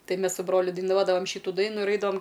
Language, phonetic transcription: Lithuanian, ˈtai ˈmes su ˈbroliu daiˈnuodavam ˈšytu ˈdainu ir ˈaidavam

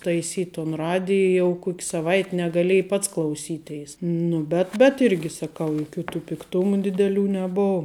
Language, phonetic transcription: Lithuanian, taiˈsyt' ton ˈradij jau ˈkok' saˈvait' negaˈlėj ˈpats klauˈsyˌteis ˈnu bet bet ˈirgi saˈkau juˈkių tų pikˈtumu dideˈlių neˈbov

